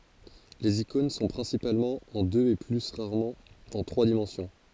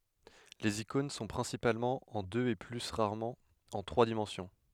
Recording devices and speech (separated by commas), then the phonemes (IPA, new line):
forehead accelerometer, headset microphone, read sentence
lez ikɔ̃n sɔ̃ pʁɛ̃sipalmɑ̃ ɑ̃ døz e ply ʁaʁmɑ̃ ɑ̃ tʁwa dimɑ̃sjɔ̃